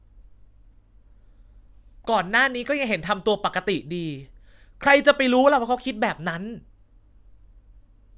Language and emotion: Thai, angry